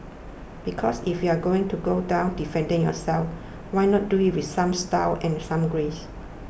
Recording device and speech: boundary microphone (BM630), read sentence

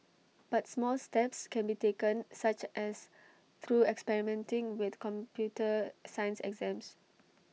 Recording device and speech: mobile phone (iPhone 6), read sentence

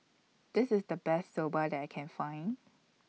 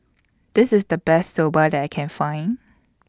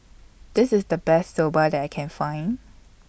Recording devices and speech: mobile phone (iPhone 6), standing microphone (AKG C214), boundary microphone (BM630), read sentence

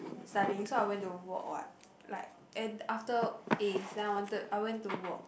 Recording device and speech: boundary microphone, conversation in the same room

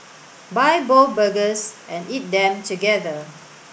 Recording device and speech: boundary microphone (BM630), read sentence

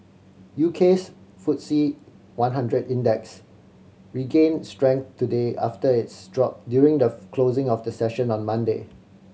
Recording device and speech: mobile phone (Samsung C7100), read sentence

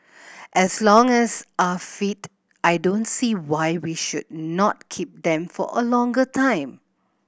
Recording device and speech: boundary microphone (BM630), read sentence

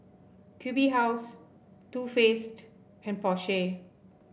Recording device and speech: boundary microphone (BM630), read sentence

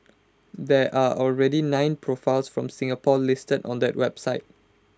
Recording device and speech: close-talking microphone (WH20), read sentence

